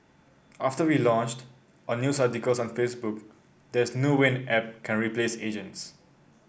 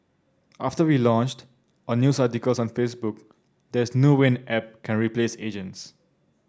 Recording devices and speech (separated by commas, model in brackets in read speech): boundary microphone (BM630), standing microphone (AKG C214), read sentence